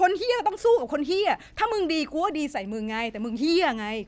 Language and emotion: Thai, angry